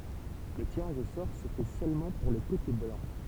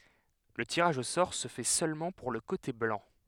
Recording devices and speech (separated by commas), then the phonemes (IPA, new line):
temple vibration pickup, headset microphone, read sentence
lə tiʁaʒ o sɔʁ sə fɛ sølmɑ̃ puʁ lə kote blɑ̃